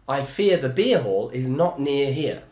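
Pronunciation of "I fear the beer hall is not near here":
The sentence is said at full speed, with the same diphthong in 'fear', 'near' and 'here'.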